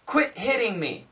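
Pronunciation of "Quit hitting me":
In 'hitting', the t is said as a d sound.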